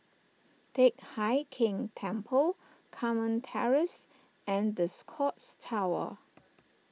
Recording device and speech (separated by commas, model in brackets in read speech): mobile phone (iPhone 6), read sentence